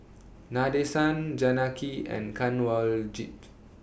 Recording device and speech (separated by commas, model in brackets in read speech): boundary microphone (BM630), read sentence